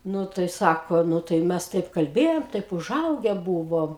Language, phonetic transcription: Lithuanian, ˈnu tai ˈsako ˈnu tai ˈmes ˈtaip kalˈbėjom ˈtaip uˈžauge ˈbūvom

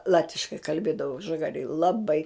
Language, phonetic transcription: Lithuanian, ˈlatviškai kalˈbėdavo žaˈgarėj laˈbai

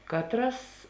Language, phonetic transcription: Lithuanian, ˈkatˌras

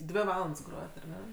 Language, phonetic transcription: Lithuanian, ˈdvi ˈvalands ˈgrojat ar ˈne

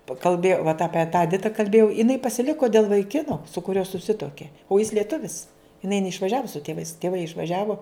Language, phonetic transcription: Lithuanian, pa kalˈbėjau vat ˈapie tą eˈdita kalˈbėjau iˈnai pasiˈliko dėl vaiˈkino su kuˈriuo suˈsituokė o jis lieˈtuvis iˈnai neišvaˈžiavo su tėˈvais tėˈvai išvaˈžiavo

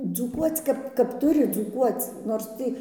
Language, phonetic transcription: Lithuanian, dzūˈkuoc ˈkap kap ˈturi dzūˈkuoc nors ˈtį

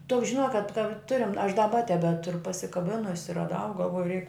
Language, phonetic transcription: Lithuanian, toks žiˈnok kad ka ˈturim aš daˈba tebeˈturu pasikaˈbinusi raˈdau galˈvoju reik

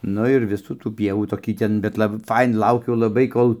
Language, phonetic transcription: Lithuanian, ˈnu ir ˈvisų tų ˈpievų toˈkį ˈten bet ˈlabai ˈfaina ˈlaukiu laˈbai ˈkol

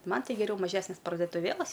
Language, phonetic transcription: Lithuanian, ˈman ˈti geˈriau maˈžesnes pardotuˈvėlas

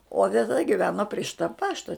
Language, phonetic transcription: Lithuanian, o teˈta giˈveno prie ˈšita ˈpašta

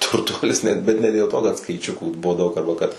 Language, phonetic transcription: Lithuanian, turˈtuolis net ˈbet ne dėl ˈto kad skaiˈčiukų ˈbuvo ˈdaug arba ˈkad

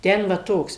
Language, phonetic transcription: Lithuanian, ˈten va ˈtoks

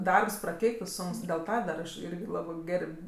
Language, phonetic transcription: Lithuanian, ˈdarbs praˈkeiktɜ ˈsunks dėl ˈta dar aš ˈirgi ˈlabɜ ˈgerb'

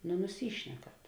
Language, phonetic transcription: Lithuanian, nu nuˈsyšnekat

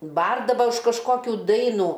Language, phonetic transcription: Lithuanian, ˈbardava už kažˈkokių ˈdainų

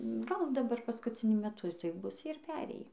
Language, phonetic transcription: Lithuanian, ˈgal daˈbar paskuciˈniu meˈtu tai ˈbus ˈjie ir ˈperėjį

